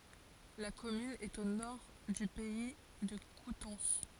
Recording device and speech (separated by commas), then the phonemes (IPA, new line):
forehead accelerometer, read sentence
la kɔmyn ɛt o nɔʁ dy pɛi də kutɑ̃s